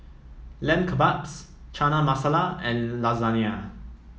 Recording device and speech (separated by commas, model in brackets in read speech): mobile phone (iPhone 7), read sentence